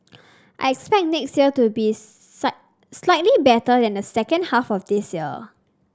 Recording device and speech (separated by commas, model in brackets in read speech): standing microphone (AKG C214), read sentence